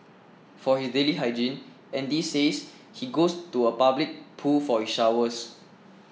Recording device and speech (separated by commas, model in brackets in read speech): mobile phone (iPhone 6), read sentence